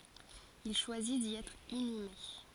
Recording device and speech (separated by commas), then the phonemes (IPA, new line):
forehead accelerometer, read sentence
il ʃwazi di ɛtʁ inyme